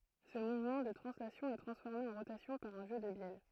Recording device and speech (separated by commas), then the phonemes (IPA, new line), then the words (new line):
throat microphone, read sentence
sə muvmɑ̃ də tʁɑ̃slasjɔ̃ ɛ tʁɑ̃sfɔʁme ɑ̃ ʁotasjɔ̃ paʁ œ̃ ʒø də bjɛl
Ce mouvement de translation est transformé en rotation par un jeu de bielles.